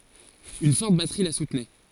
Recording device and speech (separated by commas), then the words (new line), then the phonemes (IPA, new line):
forehead accelerometer, read sentence
Une forte batterie la soutenait.
yn fɔʁt batʁi la sutnɛ